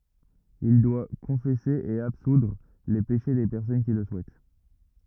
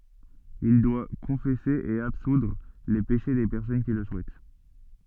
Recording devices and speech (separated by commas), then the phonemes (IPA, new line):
rigid in-ear microphone, soft in-ear microphone, read sentence
il dwa kɔ̃fɛse e absudʁ le peʃe de pɛʁsɔn ki lə suɛt